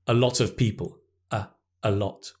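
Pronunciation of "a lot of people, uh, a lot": The 'a' in 'a lot' is said with the schwa sound, 'uh'. The schwa is also said on its own, as 'uh', between the two phrases.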